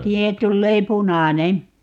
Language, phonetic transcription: Finnish, 'siihen 'tullee "punànen̬ .
- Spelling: siihen tulee punainen

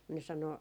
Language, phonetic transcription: Finnish, mun ne sano ,.
- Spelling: mutta ne sanoi

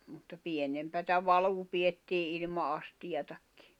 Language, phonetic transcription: Finnish, mutta 'pienempätä 'valuu 'piʲettii ilma 'astijatakkɪ .
- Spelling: mutta pienempää valua pidettiin ilman astiaakin

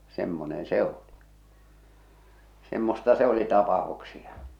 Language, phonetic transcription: Finnish, 'semmonen "se 'oli , 'semmosta se oli 'tapaʰuksia .
- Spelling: semmoinen se oli semmoista se oli tapauksia

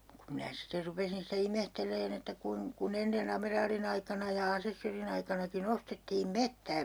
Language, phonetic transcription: Finnish, kum minä 'siter 'rupesin sitä "imehtel̆leen ‿että 'kuin- , ku"n ‿enne'n ‿ameraalin ‿aikana ja 'asessörin ‿aikanaki'n ‿ostettiim "mettää .
- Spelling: kun minä sitten rupesin sitä ihmettelemään että - kun ennen amiraalin aikana ja asessorin aikanakin ostettiin metsää

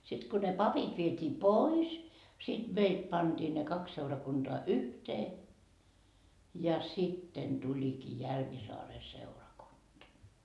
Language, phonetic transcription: Finnish, sit ko ne 'papit viet́ii "pois , siD 'meit panDii ne 'kaks seurakunDoa "yhtee , ja 'sitten Dulikii 'Järvisaare seurakunDa .
- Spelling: sitten kun ne papit vietiin pois sitten meitä pantiin ne kaksi seurakuntaa yhteen ja sitten tulikin Järvisaaren seurakunta

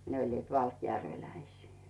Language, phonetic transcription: Finnish, 'ne oĺliit "valkjärveläisii .
- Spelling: ne olivat valkjärveläisiä

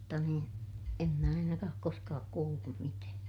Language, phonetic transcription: Finnish, mutta niin , em mä ainakaa ook koskaak kuullum mitää .
- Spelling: mutta niin en minä ainakaan ole koskaan kuullut mitään

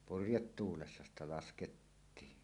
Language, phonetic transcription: Finnish, purjettuulessa sitä 'laskettiin .
- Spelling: purjetuulessa sitä laskettiin

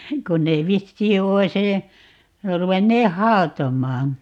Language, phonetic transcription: Finnish, 'kon nee "vissii 'ois ‿əə , 'ruvenneeh̆ "haotom̆maan .
- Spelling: kun ne vissiin olisi - ruvenneet hautomaan

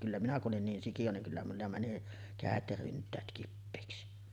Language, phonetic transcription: Finnish, kyllä minä ku’ '’olin 'niin sikiʲo niŋ kyllä mulla mäni "kä̀et ja 'rynt̆täät kippèiksi .
- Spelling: kyllä minä kun olin niin sikiö niin kyllä minulla meni kädet ja ryntäät kipeiksi

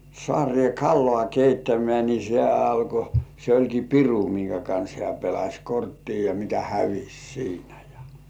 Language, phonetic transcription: Finnish, 'sŏàŕĭè "kallŏà 'keittämeä ni se 'alko , se oĺki "piru miŋkä kans hĕä̀ 'pelaś "korttii ja mikä "hävis 'siinä jᴀ .
- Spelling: saareen kalaa keittämään niin se alkoi se olikin piru minkä kanssa hän pelasi korttia ja mikä hävisi siinä ja

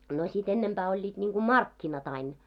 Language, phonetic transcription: Finnish, no sit 'ennemʙää 'oĺĺiiᴅ ńiiŋɢu "markkinat ‿ain .
- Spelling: no sitten ennempää olivat niin kuin markkinat aina

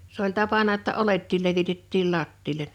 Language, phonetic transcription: Finnish, s ‿oĺ 'tapana ‿ᵒtta 'olettiil 'levitettiil 'lattiilen .
- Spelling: se oli tapana jotta oljetkin levitettiin lattialle

